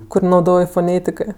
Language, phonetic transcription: Lithuanian, ˈkur nauˈdoj foˈnėtikɜ

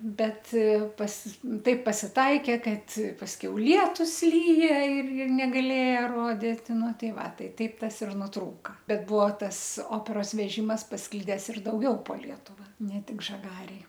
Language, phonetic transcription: Lithuanian, ˈbet pas ˈtaip pasiˈtaikė ˈkad pasˈkiau ˈlietus ˈlyja ir ir negaˈlėja ˈrodit ˈnu ˈtai ˈva ˈtai ˈtaip ˈtas ir nuˈtrūka ˈbet ˈbuvo ˈtas ˈoperos veˈžimas pasˈklides ir dauˈgiau po ˈlietuva ne ˈtik žaˈgarėj

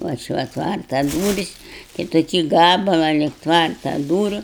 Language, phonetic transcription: Lithuanian, ˈva ˈči ˈva ˈtvarta ˈdūris tai toˈkį ˈgabalą lig ˈtvarta ˈdūriu

